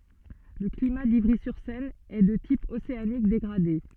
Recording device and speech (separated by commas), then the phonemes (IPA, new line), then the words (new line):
soft in-ear microphone, read sentence
lə klima divʁizyʁsɛn ɛ də tip oseanik deɡʁade
Le climat d'Ivry-sur-Seine est de type océanique dégradé.